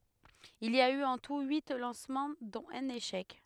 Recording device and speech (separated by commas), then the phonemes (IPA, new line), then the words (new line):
headset microphone, read sentence
il i a y ɑ̃ tu yi lɑ̃smɑ̃ dɔ̃t œ̃n eʃɛk
Il y a eu en tout huit lancements dont un échec.